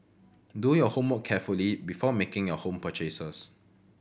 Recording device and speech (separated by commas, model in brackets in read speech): boundary microphone (BM630), read sentence